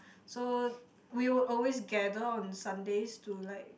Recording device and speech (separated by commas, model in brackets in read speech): boundary microphone, conversation in the same room